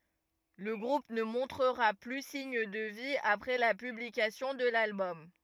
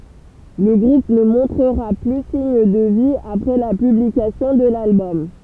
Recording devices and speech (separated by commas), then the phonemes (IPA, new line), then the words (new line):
rigid in-ear microphone, temple vibration pickup, read sentence
lə ɡʁup nə mɔ̃tʁəʁa ply siɲ də vi apʁɛ la pyblikasjɔ̃ də lalbɔm
Le groupe ne montrera plus signe de vie après la publication de l'album.